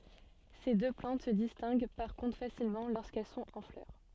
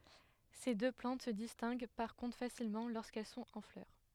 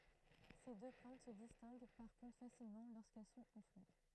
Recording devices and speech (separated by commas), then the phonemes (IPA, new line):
soft in-ear microphone, headset microphone, throat microphone, read sentence
se dø plɑ̃t sə distɛ̃ɡ paʁ kɔ̃tʁ fasilmɑ̃ loʁskɛl sɔ̃t ɑ̃ flœʁ